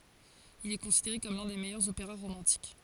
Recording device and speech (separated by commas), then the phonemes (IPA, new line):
forehead accelerometer, read sentence
il ɛ kɔ̃sideʁe kɔm lœ̃ de mɛjœʁz opeʁa ʁomɑ̃tik